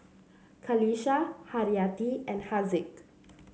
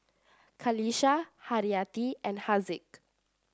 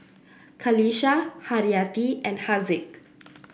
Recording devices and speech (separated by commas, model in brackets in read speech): mobile phone (Samsung C7), standing microphone (AKG C214), boundary microphone (BM630), read sentence